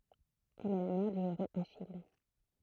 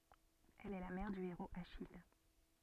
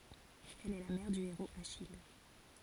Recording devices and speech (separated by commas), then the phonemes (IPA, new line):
throat microphone, soft in-ear microphone, forehead accelerometer, read sentence
ɛl ɛ la mɛʁ dy eʁoz aʃij